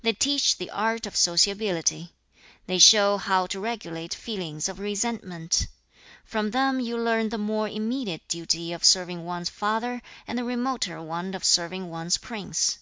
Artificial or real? real